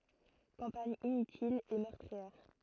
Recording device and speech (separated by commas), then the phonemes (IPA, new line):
throat microphone, read sentence
kɑ̃paɲ inytil e mœʁtʁiɛʁ